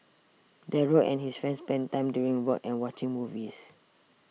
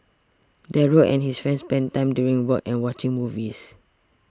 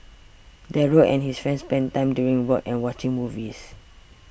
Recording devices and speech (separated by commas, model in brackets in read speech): mobile phone (iPhone 6), standing microphone (AKG C214), boundary microphone (BM630), read sentence